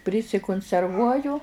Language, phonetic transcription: Lithuanian, prisikunserˈvuoju

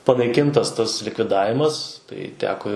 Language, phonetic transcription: Lithuanian, panaiˈkintas ˈtas likviˈdavimas tai ˈteko

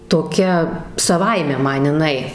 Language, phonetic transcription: Lithuanian, toˈkia saˈvaime ˈman iˈnai

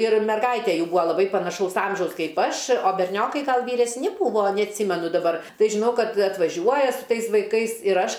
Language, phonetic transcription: Lithuanian, ir merˈgaitė ˈjų ˈbūa laˈbai panaˈšaus ˈamžiaus ˈkaip ˈaš o berˈniokai ˈgal vyresˈni ˈbūvo neatˈsymenu daˈbar ˈtai žiˈnau ˈkad atvaˈžiuoja su ˈtais vaiˈkais ir ˈaš

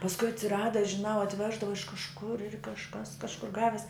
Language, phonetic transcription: Lithuanian, pasˈkui atsiˈrada žiˈnau atˈveždava iš kažˈkur kažˈkas kažˈkur ˈgavis

